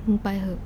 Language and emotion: Thai, sad